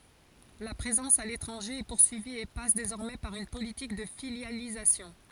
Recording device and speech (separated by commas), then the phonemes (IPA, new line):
forehead accelerometer, read sentence
la pʁezɑ̃s a letʁɑ̃ʒe ɛ puʁsyivi e pas dezɔʁmɛ paʁ yn politik də filjalizasjɔ̃